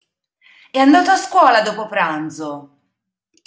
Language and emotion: Italian, angry